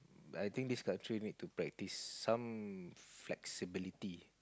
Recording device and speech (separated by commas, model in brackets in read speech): close-talking microphone, conversation in the same room